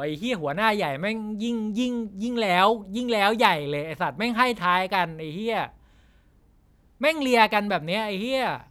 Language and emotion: Thai, angry